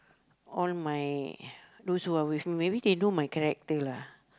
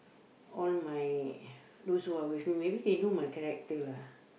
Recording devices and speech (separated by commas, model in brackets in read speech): close-talking microphone, boundary microphone, conversation in the same room